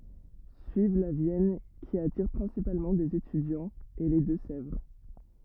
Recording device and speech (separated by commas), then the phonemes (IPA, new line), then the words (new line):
rigid in-ear microphone, read sentence
syiv la vjɛn ki atiʁ pʁɛ̃sipalmɑ̃ dez etydjɑ̃z e le dø sɛvʁ
Suivent la Vienne, qui attire principalement des étudiants, et les Deux-Sèvres.